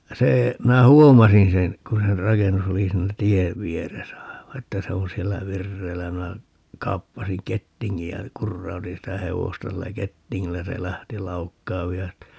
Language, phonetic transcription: Finnish, 'se , 'minä "huomasin 'sen , 'kun sen "rakennus ‿oli 'siinä "tiev 'vieresä 'aiva että 'se oo̰ 'siellä "virreillä ja minä , 'kaappasiŋ "kettiŋŋij ja , 'kurrautin sitä "hevosta 'sillä "kettiŋŋillä ja se 'lähti 'laukkaav ('vihasestij ja) ,.
- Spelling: se minä huomasin sen kun sen rakennus oli siinä tien vieressä aivan että se on siellä vireillä ja minä kaappasin kettingin ja kurautin sitä hevosta sillä kettingillä ja se lähti laukkaamaan vihaisesti ja

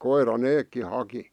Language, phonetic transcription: Finnish, 'koir̀a "neekki 'haki .
- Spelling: koira nekin haki

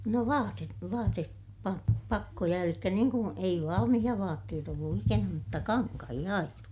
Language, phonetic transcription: Finnish, no vaatet- , vaate- , -pa- , -pakkoja elikkä niiŋ ku , ei valamihiʲa vaatteet ‿ollu ikänä mutta kaŋkahiʲa aina .
- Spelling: no - - - vaatepakkoja eli niin kuin ei valmiita vaatteet ollut ikänä mutta kankaita aina

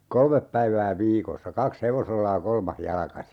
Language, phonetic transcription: Finnish, 'kolmep päivää 'viikossa "kaks 'hevosella ja "kolmah 'jalkasi .
- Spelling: kolme päivää viikossa kaksi hevosella ja kolmas jalkaisin

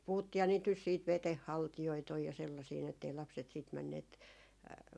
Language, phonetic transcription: Finnish, 'puhuttiiha niit nys siit "veteh 'haltijoit ‿oj ja sellasii ni ettei 'lapset siit 'männeet ,.
- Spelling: puhuttiinhan niitä nyt sitten veden haltijoita on ja sellaisia niin että ei lapset sitten menneet

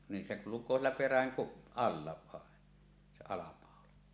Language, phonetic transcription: Finnish, nin 'se 'kuluk̀oo siellä "peräŋ kup- , 'alla vàen , se 'alapàola .
- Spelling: niin se kulkee siellä perän - alla vain se alapaula

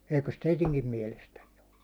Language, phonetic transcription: Finnish, 'eikös "teitiŋkim miɛlestännen ‿ᴏ ?
- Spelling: eikös teidänkin mielestänne ole

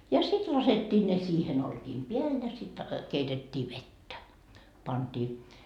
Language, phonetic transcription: Finnish, ja 'sit 'laset́t́ii ne 'siihem 'olkiim "peäl ja sit , 'keitet́t́ii "vettä , panDii .
- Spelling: ja sitten laskettiin ne siihen olkien päälle ja sitten keitettiin vettä pantiin

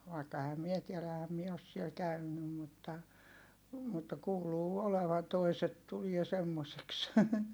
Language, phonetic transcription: Finnish, vaikka ehäm mie tielä ehäm mie os siel käynnym mutta , mutta kuuluu olevan toiset tulie semmoseks .
- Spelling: vaikka enhän minä tiedä enhän minä ole siellä käynyt mutta mutta kuuluu olevan toiset tulee semmoiseksi

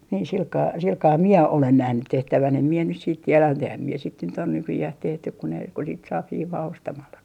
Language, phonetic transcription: Finnish, niin 'silkaa 'silkaa "mie 'olen 'nähnyt 'tehtävän em mie nys siit 'tieläm mut ‿ehäm 'mie sit nyt ‿o nykyjäh 'tehtyk ku ne , ku sit saap "hiivaa 'ostamallaki .
- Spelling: niin sillä kalella sillä kalella minä olen nähnyt tehtävän en minä nyt sitten tiedä mutta enhän minä sitten nyt ole nykyään tehty kun ne kun sitten saa hiivaa ostamallakin

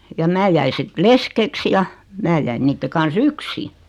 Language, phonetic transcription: Finnish, ja 'mää jäi sit "leskeks ja , 'mää jäin 'niitte kan"s ‿yksi .
- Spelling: ja minä jäin sitten leskeksi ja minä jäin niiden kanssa yksin

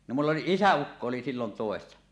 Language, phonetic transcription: Finnish, no mull ‿oli "isä₍ukko oli sillon 'tòessa .
- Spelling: no minulla oli isäukko oli silloin töissä

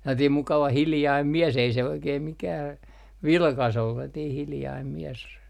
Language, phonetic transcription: Finnish, 'sellatiim "mukava 'hiljaim 'mies ei se 'oikeem 'mikää , "vilkas ollu sellatiih 'hiljaim mies .
- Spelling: sellainen mukava hiljainen mies ei se oikein mikään vilkas ollut sellainen hiljainen mies

